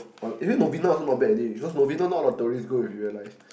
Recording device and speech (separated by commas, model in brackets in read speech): boundary microphone, conversation in the same room